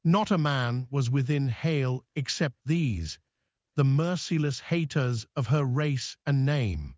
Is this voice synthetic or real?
synthetic